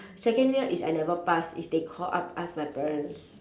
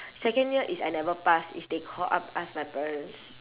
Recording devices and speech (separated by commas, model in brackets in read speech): standing microphone, telephone, conversation in separate rooms